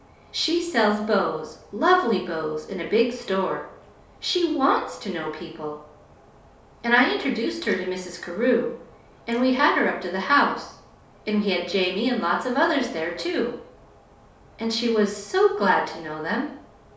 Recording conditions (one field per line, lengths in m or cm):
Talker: one person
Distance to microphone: 3.0 m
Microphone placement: far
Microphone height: 1.8 m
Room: small (3.7 m by 2.7 m)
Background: none